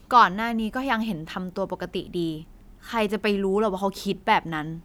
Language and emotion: Thai, frustrated